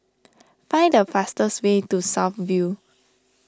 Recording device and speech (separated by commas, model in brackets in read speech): standing microphone (AKG C214), read sentence